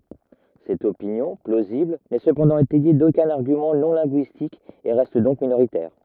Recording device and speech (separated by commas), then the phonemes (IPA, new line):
rigid in-ear microphone, read sentence
sɛt opinjɔ̃ plozibl nɛ səpɑ̃dɑ̃ etɛje dokœ̃n aʁɡymɑ̃ nɔ̃ lɛ̃ɡyistik e ʁɛst dɔ̃k minoʁitɛʁ